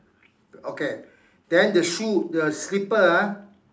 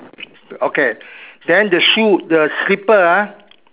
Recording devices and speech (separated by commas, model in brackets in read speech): standing microphone, telephone, conversation in separate rooms